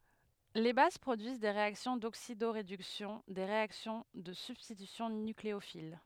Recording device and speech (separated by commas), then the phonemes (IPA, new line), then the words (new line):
headset microphone, read sentence
le baz pʁodyiz de ʁeaksjɔ̃ doksidoʁedyksjɔ̃ de ʁeaksjɔ̃ də sybstitysjɔ̃ nykleofil
Les bases produisent des réactions d'oxydoréduction, des réactions de substitution nucléophile…